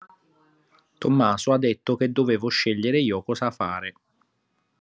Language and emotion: Italian, neutral